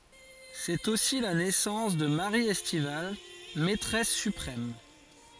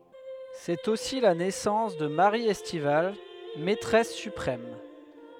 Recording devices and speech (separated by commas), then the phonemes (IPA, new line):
forehead accelerometer, headset microphone, read sentence
sɛt osi la nɛsɑ̃s də maʁi ɛstival mɛtʁɛs sypʁɛm